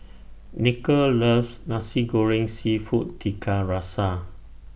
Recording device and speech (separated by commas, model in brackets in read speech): boundary microphone (BM630), read sentence